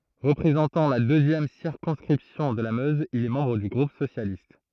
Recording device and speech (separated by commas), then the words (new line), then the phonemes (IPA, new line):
throat microphone, read sentence
Représentant la deuxième circonscription de la Meuse, il est membre du groupe socialiste.
ʁəpʁezɑ̃tɑ̃ la døzjɛm siʁkɔ̃skʁipsjɔ̃ də la møz il ɛ mɑ̃bʁ dy ɡʁup sosjalist